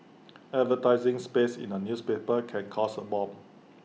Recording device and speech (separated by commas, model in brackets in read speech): mobile phone (iPhone 6), read sentence